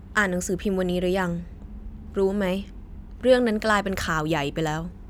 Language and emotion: Thai, frustrated